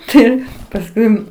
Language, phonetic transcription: Lithuanian, ˈtai pasˈkui

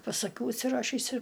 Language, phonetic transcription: Lithuanian, pas aˈkių užsiˈrašįs ir

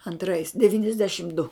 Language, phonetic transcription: Lithuanian, anˈtrais devyniasˈdešim du

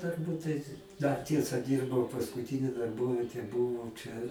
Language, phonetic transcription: Lithuanian, turˈbūt tai dar ˈtiesa ˈdyrbau paskuˈtini darˈbovietė ˈbūvo ˈčia

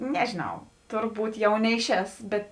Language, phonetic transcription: Lithuanian, ˈnežėˌnau ˈturˌbūt ˈjau ˈneiˌšēs ˈbet

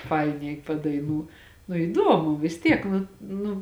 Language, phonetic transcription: Lithuanian, ˈfainiai padaiˈnū nu iˈdomu vis ˈtiek ˈnu ˈnu

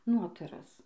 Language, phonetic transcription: Lithuanian, ˈnotaras

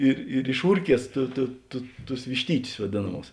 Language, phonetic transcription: Lithuanian, ir ir išˈūrˌkies tu tu tu tus višˈtytius vaˈdėnaˌmūs

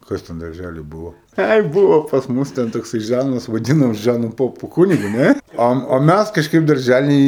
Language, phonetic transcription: Lithuanian, ˈkas ten darˈžæly ˈbuvo ˈai ˈbuvo pas ˈmus ten tokˈsai ˈžanas vaˈdinom ˈžanu ˈpopu ˈkunigu ˈne ˈo o ˈmæs kažˈkaip darˈžæly

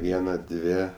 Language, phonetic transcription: Lithuanian, ˈviena ˈdvė

